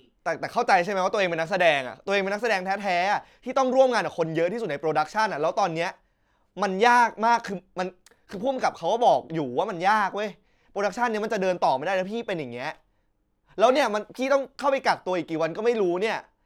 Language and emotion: Thai, frustrated